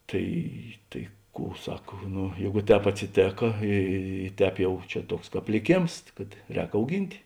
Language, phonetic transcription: Lithuanian, ˈtai tai ˈkų ˈsak ˈnu ˈjeigu ˈtēp atsiˈtėka ˈy ˈtēp jau ˈčia ˈtuoks ˈkāp liˈkėms kad ˈrēk auˈgint'

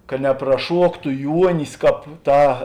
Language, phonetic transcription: Lithuanian, ka nepraˈšuoktu ˈjuonis ˈkāp ˈtā

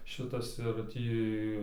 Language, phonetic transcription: Lithuanian, ˈšitas ir ˈtį

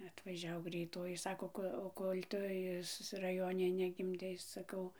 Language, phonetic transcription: Lithuanian, atvaˈžiau greiˈtoji ˈsako ˈko o ˈkol' ˈtu is raˈjone negimˈdei saˈkau

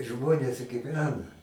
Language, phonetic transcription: Lithuanian, ˈžmonės giˈvena

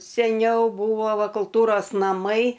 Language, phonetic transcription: Lithuanian, seˈniau ˈbūvo ˈva kulˈtūros naˈmai

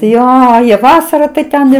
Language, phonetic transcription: Lithuanian, ˈjo jie ˈvasara tai ˈten ir

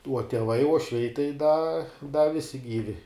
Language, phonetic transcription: Lithuanian, uo tieˈvai uošˈviai tai da da ˈvisi ˈgyvi

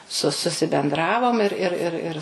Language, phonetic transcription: Lithuanian, su susibenˈdravom ir ˈir ir ˈir

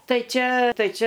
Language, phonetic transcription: Lithuanian, ˈtai ˈčia ˈtai ˈčia

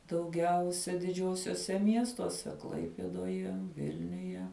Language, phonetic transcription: Lithuanian, dauˈgiausia diˈdžiuosiuose ˈmiestuose ˈklaipėdoje ˈvilniuje

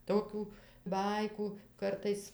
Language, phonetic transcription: Lithuanian, ˈtokių ˈbaikų ˈkartais

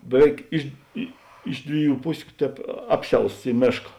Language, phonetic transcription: Lithuanian, beˈveik ˈiš i ˈiš dviˌjų ˈpusiu ˈtēp ˈapˌsiausts ˈy ˈmėška

